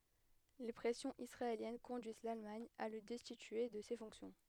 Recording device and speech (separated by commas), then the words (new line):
headset microphone, read sentence
Les pressions israéliennes conduisent l'Allemagne à le destituer de ses fonctions.